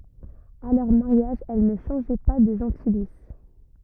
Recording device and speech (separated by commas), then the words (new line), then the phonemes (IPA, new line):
rigid in-ear microphone, read sentence
À leur mariage, elles ne changeaient pas de gentilice.
a lœʁ maʁjaʒ ɛl nə ʃɑ̃ʒɛ pa də ʒɑ̃tilis